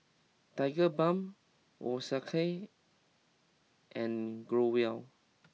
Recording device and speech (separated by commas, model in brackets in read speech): mobile phone (iPhone 6), read sentence